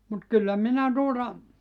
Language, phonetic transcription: Finnish, mut 'kyllä 'minä 'tuota ,.
- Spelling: mutta kyllä minä tuota

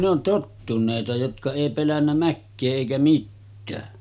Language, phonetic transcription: Finnish, no 'tottunèita jotka èi pelännä 'mäkkee èikä 'mittää .
- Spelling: no tottuneita jotka ei pelännyt mäkeä eikä mitään

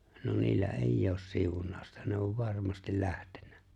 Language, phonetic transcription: Finnish, no niillä "eijj ‿oos 'siuǹàu̬sta ne ov "varmastil 'lähtᴇɴɴᴀ̈ .
- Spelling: no niillä ei ole siunausta ne on varmasti lähtenyt

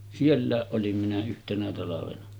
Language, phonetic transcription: Finnish, 'siellä̀eˀ ˀolim minä 'yhtenä talavena .
- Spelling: sielläkin olin minä yhtenä talvena

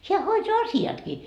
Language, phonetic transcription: Finnish, 'heä 'hoitoa "asi₍atkii .
- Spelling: hän hoitaa asiatkin

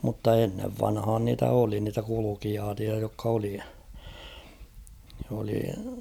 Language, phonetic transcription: Finnish, mutta ennev 'vanhaan niitä 'oli niitä kulukijaat͕ia jokk ‿oli , oli ...
- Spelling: mutta ennen vanhaan niitä oli niitä kulkijoita jotka oli oli

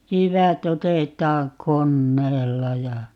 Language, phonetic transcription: Finnish, 'jyvä't ‿otet̀aaŋ "konneella ja ,.
- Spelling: jyvät otetaan koneella ja

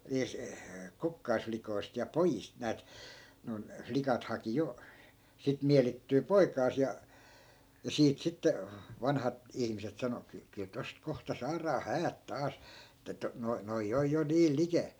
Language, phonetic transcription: Finnish, (niis) , 'kukkaisflikoist ja "pojist näät , noi̮n , 'flikat haki jo , sit 'mielittyy "poikaas ja , ja 'siit sitte , 'vanhat , 'ihmiset sano » kyl , kyl 'tost 'kohta saaraa "häät 'taas , (e)ttä noi , noi 'oj jo 'niil likèl » .
- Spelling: niistä kukkaslikoista ja pojista näet noin likat haki jo sitten mielittyä poikaansa ja ja siitä sitten vanhat ihmiset sanoi kyllä kyllä tuosta kohta saadaan häät taas että nuo nuo on jo niin likellä

